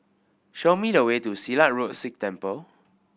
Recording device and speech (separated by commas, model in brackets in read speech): boundary microphone (BM630), read sentence